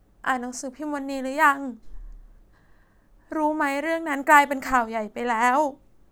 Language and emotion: Thai, sad